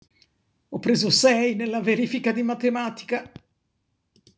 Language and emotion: Italian, sad